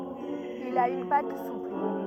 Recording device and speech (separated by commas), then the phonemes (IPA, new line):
rigid in-ear microphone, read sentence
il a yn pat supl